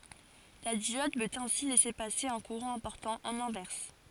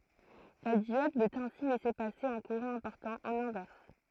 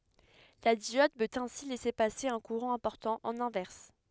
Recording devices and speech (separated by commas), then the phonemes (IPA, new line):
forehead accelerometer, throat microphone, headset microphone, read sentence
la djɔd pøt ɛ̃si lɛse pase œ̃ kuʁɑ̃ ɛ̃pɔʁtɑ̃ ɑ̃n ɛ̃vɛʁs